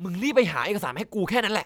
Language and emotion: Thai, frustrated